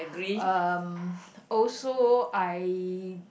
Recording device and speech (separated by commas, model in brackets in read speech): boundary microphone, conversation in the same room